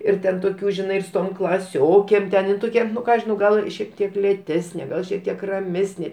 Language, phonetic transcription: Lithuanian, ir ˈten toˈkių žiˈnai ir su ˈtom klaˈsiokėm ten in ˈtokia ˈnu ˈką aš žiˈnau ˈgal šiek ˈtiek lėˈtesnė ˈgal šiek ˈtiek raˈmesnė

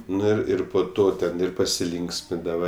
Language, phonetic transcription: Lithuanian, ˈnu ir ˈir po ˈto ten ˈir pasiˈlynksmindava

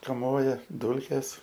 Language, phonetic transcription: Lithuanian, kaˈmoja ˈdūlkės

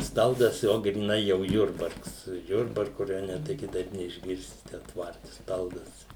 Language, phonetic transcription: Lithuanian, ˈstaldas ˈjo gryˈnai jau ˈjurbarks ˈjurbarku raˈjone tai kiˈtaip neišˈgirsi ˈten ˈtvarti ˈstaldas

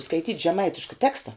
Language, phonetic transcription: Lithuanian, skaiˈtyt' žeˈmaitiška ˈteksta

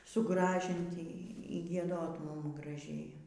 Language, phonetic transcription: Lithuanian, suˈgražinti y gieˈdot ˈmum graˈžėja

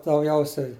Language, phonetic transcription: Lithuanian, dauˈgiausiai

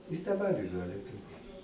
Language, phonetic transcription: Lithuanian, i daˈbar iˈra lieˈtuviu

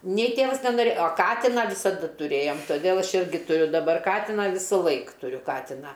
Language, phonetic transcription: Lithuanian, nei ˈtėvas nenoˈrėj o ˈkatiną visaˈda tuˈrėjom toˈdėl ˈaš ˈirgi tuˈriu daˈbar ˈkatina ˈvisulaik tuˈriu ˈkatiną

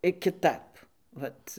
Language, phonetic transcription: Lithuanian, i kiˈtap ˈvat

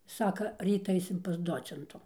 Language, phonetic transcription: Lithuanian, ˈsaka ˈryt ˈaisim pas ˈdocentu

